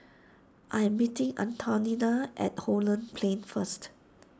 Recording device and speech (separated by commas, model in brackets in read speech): standing microphone (AKG C214), read sentence